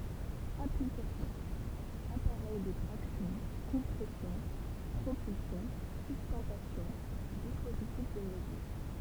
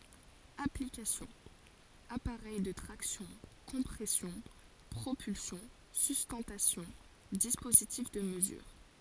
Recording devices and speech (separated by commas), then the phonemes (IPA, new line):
temple vibration pickup, forehead accelerometer, read sentence
aplikasjɔ̃ apaʁɛj də tʁaksjɔ̃ kɔ̃pʁɛsjɔ̃ pʁopylsjɔ̃ systɑ̃tasjɔ̃ dispozitif də məzyʁ